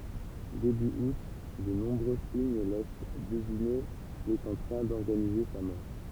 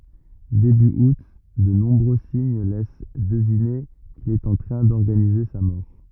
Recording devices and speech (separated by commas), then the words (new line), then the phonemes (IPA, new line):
temple vibration pickup, rigid in-ear microphone, read sentence
Début août, de nombreux signes laissent deviner qu'il est en train d'organiser sa mort.
deby ut də nɔ̃bʁø siɲ lɛs dəvine kil ɛt ɑ̃ tʁɛ̃ dɔʁɡanize sa mɔʁ